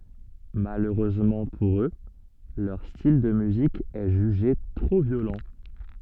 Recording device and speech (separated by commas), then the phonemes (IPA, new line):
soft in-ear microphone, read sentence
maløʁøzmɑ̃ puʁ ø lœʁ stil də myzik ɛ ʒyʒe tʁo vjolɑ̃